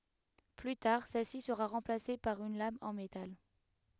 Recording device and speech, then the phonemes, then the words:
headset microphone, read sentence
ply taʁ sɛlsi səʁa ʁɑ̃plase paʁ yn lam ɑ̃ metal
Plus tard, celle-ci sera remplacée par une lame en métal.

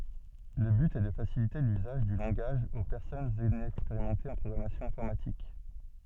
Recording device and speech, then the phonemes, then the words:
soft in-ear microphone, read sentence
lə byt ɛ də fasilite lyzaʒ dy lɑ̃ɡaʒ o pɛʁsɔnz inɛkspeʁimɑ̃tez ɑ̃ pʁɔɡʁamasjɔ̃ ɛ̃fɔʁmatik
Le but est de faciliter l'usage du langage aux personnes inexpérimentées en programmation informatique.

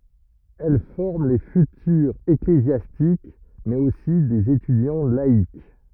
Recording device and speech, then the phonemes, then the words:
rigid in-ear microphone, read sentence
ɛl fɔʁm le fytyʁz eklezjastik mɛz osi dez etydjɑ̃ laik
Elles forment les futurs ecclésiastiques, mais aussi des étudiants laïcs.

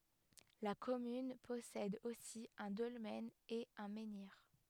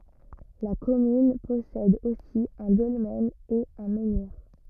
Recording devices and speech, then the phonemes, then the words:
headset microphone, rigid in-ear microphone, read sentence
la kɔmyn pɔsɛd osi œ̃ dɔlmɛn e œ̃ mɑ̃niʁ
La commune possède aussi un dolmen et un menhir.

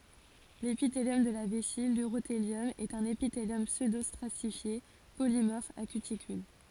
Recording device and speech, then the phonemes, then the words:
forehead accelerometer, read sentence
lepiteljɔm də la vɛsi lyʁoteljɔm ɛt œ̃n epiteljɔm psødostʁatifje polimɔʁf a kytikyl
L'épithélium de la vessie, l'urothélium, est un épithélium pseudostratifié polymorphe à cuticule.

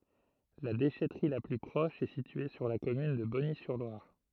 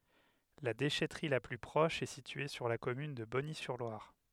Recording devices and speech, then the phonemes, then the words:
throat microphone, headset microphone, read sentence
la deʃɛtʁi la ply pʁɔʃ ɛ sitye syʁ la kɔmyn də bɔnizyʁlwaʁ
La déchèterie la plus proche est située sur la commune de Bonny-sur-Loire.

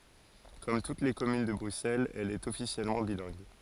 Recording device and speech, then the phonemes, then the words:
forehead accelerometer, read sentence
kɔm tut le kɔmyn də bʁyksɛlz ɛl ɛt ɔfisjɛlmɑ̃ bilɛ̃ɡ
Comme toutes les communes de Bruxelles, elle est officiellement bilingue.

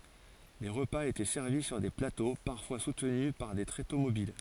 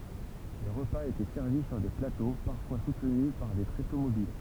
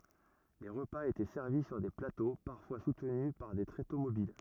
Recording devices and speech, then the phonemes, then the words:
forehead accelerometer, temple vibration pickup, rigid in-ear microphone, read sentence
le ʁəpaz etɛ sɛʁvi syʁ de plato paʁfwa sutny paʁ de tʁeto mobil
Les repas étaient servis sur des plateaux, parfois soutenus par des tréteaux mobiles.

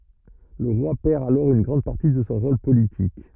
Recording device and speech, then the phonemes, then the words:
rigid in-ear microphone, read sentence
lə ʁwa pɛʁ alɔʁ yn ɡʁɑ̃d paʁti də sɔ̃ ʁol politik
Le roi perd alors une grande partie de son rôle politique.

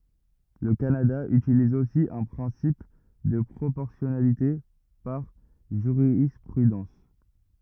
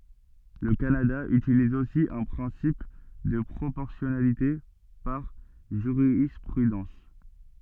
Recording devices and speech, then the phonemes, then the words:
rigid in-ear microphone, soft in-ear microphone, read sentence
lə kanada ytiliz osi œ̃ pʁɛ̃sip də pʁopɔʁsjɔnalite paʁ ʒyʁispʁydɑ̃s
Le Canada utilise aussi un principe de proportionnalité par jurisprudence.

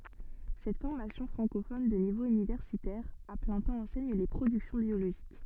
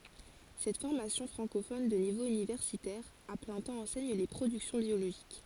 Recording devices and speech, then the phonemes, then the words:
soft in-ear microphone, forehead accelerometer, read sentence
sɛt fɔʁmasjɔ̃ fʁɑ̃kofɔn də nivo ynivɛʁsitɛʁ a plɛ̃ tɑ̃ ɑ̃sɛɲ le pʁodyksjɔ̃ bjoloʒik
Cette formation francophone de niveau universitaire à plein temps enseigne les productions biologiques.

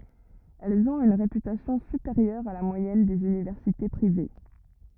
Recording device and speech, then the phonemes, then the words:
rigid in-ear microphone, read sentence
ɛlz ɔ̃t yn ʁepytasjɔ̃ sypeʁjœʁ a la mwajɛn dez ynivɛʁsite pʁive
Elles ont une réputation supérieure à la moyenne des universités privées.

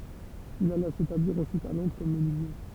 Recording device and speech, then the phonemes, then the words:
temple vibration pickup, read sentence
il ala setabliʁ ɑ̃syit a lɔ̃dʁ kɔm mənyizje
Il alla s'établir ensuite à Londres comme menuisier.

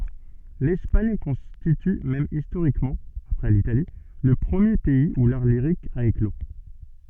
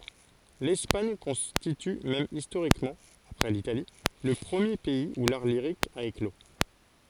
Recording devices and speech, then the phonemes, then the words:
soft in-ear microphone, forehead accelerometer, read sentence
lɛspaɲ kɔ̃stity mɛm istoʁikmɑ̃ apʁɛ litali lə pʁəmje pɛiz u laʁ liʁik a eklo
L’Espagne constitue même historiquement, après l’Italie, le premier pays où l’art lyrique a éclos.

